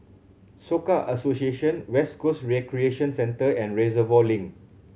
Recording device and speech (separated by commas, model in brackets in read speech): mobile phone (Samsung C7100), read sentence